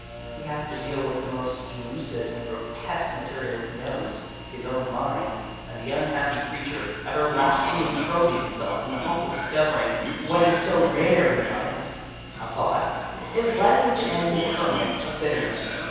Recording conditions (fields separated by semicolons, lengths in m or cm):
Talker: one person; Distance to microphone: 7.1 m; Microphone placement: far; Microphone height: 1.7 m; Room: very reverberant, large; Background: television